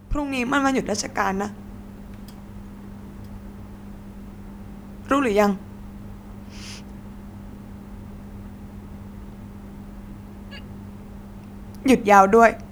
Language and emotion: Thai, sad